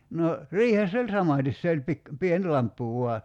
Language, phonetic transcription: Finnish, no , "riihess ‿oĺ 'samàtis se oĺ 'pik- , 'pien "lamppu vua .
- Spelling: no riihessä oli samaten se oli - pieni lamppu vain

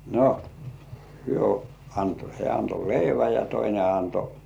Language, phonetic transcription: Finnish, no , hyö anto hĕä̀ anto "leiväj ja 'toine anto .
- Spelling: no hän antoi hän antoi leivän ja toinen antoi

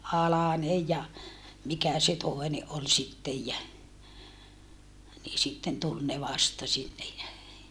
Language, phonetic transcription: Finnish, Alanej ja , mikä se tòene ʼol sittej jä , nii sitten tul ne vasta sinnej jä , .
- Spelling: Alanen ja mikä se toinen oli sitten ja niin sitten tuli ne vasta sinne ja

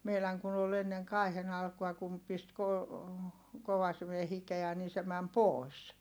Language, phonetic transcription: Finnish, meiläŋ kun ‿ol ‿enneŋ kài̮hen ‿alkua kum pist ko- , kovasime hikeä nii se mäm pòi̮s .
- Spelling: meidän kun oli ennen kaihin alkua kun pisti - kovasimen hikeä niin se meni pois

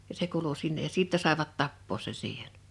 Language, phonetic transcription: Finnish, ja 'se kuulu 'sinnej ja 'sìttɛ sàḙvat 'tappoos sen̬ siiheɴ .
- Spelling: ja se kuului sinne ja sitten saivat tappaa sen siihen

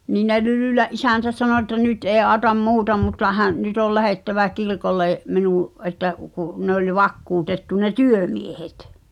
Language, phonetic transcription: Finnish, nii ne 'Lylỳlä’ '’isä̀ntä 'sano ᵉttä 'nyt ’ee ’aaᵒtam "muuta mutta hä’- , nyt ‿ol 'lähèttävä 'kirkollè , 'minuṵ’ , ’et̆tä ku , ne ‿oĺ 'vakkuutettu ne "työmiehet .
- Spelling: niin ne Lylylän isäntä sanoi että nyt ei auta muuta mutta - nyt oli lähdettävä kirkolle minun että kun ne oli vakuutettu ne työmiehet

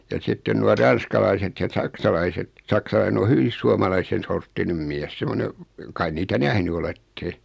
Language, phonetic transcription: Finnish, ja 'sitten nua 'ran̬skalaiset ja 'saksalaiset , 'saksalaine o 'hyvis "suamalaisen̬ sorttinem miɛs 'semone , kai 'niitä "nähny olette ?
- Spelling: ja sitten nuo ranskalaiset ja saksalaiset saksalainen on hyvin suomalaisen sorttinen mies semmoinen kai niitä nähnyt olette

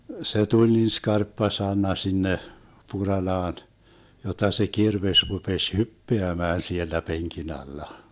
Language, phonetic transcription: Finnish, se tuĺ niin 'skarppa 'san̆na sinne , 'Puralaan , jot̆ta se 'kirveś rupeś "hyppeämään 'siellä 'peŋki'n ‿alla .
- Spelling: se tuli niin skarppa sana sinne Puralaan jotta se kirves rupesi hyppäämään siellä penkin alla

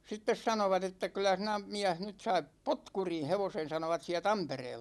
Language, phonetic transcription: Finnish, 'sittes 'sanovat ‿että » kyl̆lä sinä 'miäh nyt 'saip "potkurin̬ 'hevosen̬ « 'sanovat siä "Tampereella .
- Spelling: sitten sanoivat että kyllä sinä mies nyt sait potkurin hevosen sanoivat siellä Tampereella

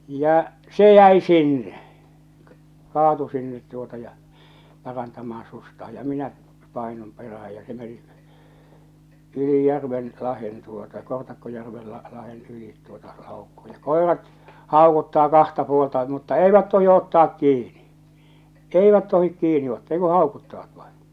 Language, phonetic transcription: Finnish, ja , 'se 'jäi "sinne , 'kaatu sinnet tuota ja , 'parantamaaa̰ sustaaj ja 'minä , 'pàinum peräh̬äj ja se meni , yli 'järven , 'lahen tuota 'Kortakkojärvel la- lahen 'ylìt tuota làokko ᴊᴀ 'kòerat , 'hàokuttaa 'kahta puolta mutta "eivät 'tohi ottaak kiini , "eivät 'tohik 'kiini 'ottaa ei ku "hàokuttavat vaiḭ .
- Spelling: ja se jäi sinne kaatui sinne tuota ja parantamaan sukseaan ja minä painun perään ja se meni yli järven lahden tuota Kortakkojärvelle - lahden yli tuota laukkasi ja koirat haukuttaa kahta puolta mutta eivät tohdi ottaa kiinni eivät tohdi kiinni ottaa ei kuin haukuttavat vain

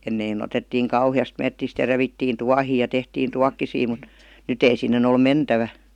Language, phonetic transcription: Finnish, 'ennei'n ‿otettiiŋ "kauhi₍ast 'mettist ja 'revittiin "tuahii ja 'tehtiin "tuakkisii mut , 'nyt ‿ei 'sinnen ‿ol "mentävä .
- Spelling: ennen otettiin kauheasti metsistä ja revittiin tuohia ja tehtiin tuokkosia mutta nyt ei sinne ole mentävä

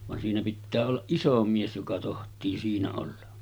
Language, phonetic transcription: Finnish, van siinä pittää ollaˀ "ˀiso 'mies joka toht̆tii 'siinä olla .
- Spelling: vaan siinä pitää olla iso mies joka tohtii siinä olla

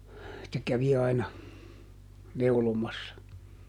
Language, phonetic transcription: Finnish, se ˈkävi aina , ˈneulomassa .
- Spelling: se kävi aina neulomassa

